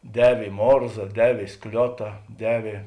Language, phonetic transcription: Lithuanian, ˈdevė i ˈmorza ˈdevė i ˈskliota ˈdevė

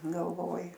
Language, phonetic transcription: Lithuanian, galˈvoji

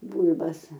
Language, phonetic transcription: Lithuanian, ˈbūl'bas

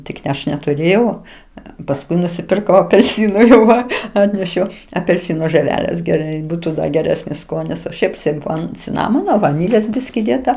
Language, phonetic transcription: Lithuanian, ˈtik ne ˈaš netuˈrėjau pasˈkui nusipirˈkau apelˈsynu jau ˈva ˈatnešiau apelˈsino žɜˈvelės geˈrai ˈbūtu ˈda geˈresnis ˈskonis o ˈšiaip simˈfon ciˈnamono vaˈnylės ˈbiski ˈdėta

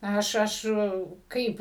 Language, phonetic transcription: Lithuanian, ˈaš ˈaš ˈkaip

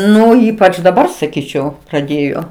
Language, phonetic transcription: Lithuanian, ˈnu ˈypač daˈbar saˈkyčiau praˈdėjo

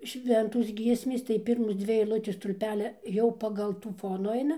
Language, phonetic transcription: Lithuanian, ˈšventos ˈgiesmės tai ˈpirmos ˈdzvi eilˈutės stulˈpelia ˈjau pagal ˈtų ˈfonu ˈaina

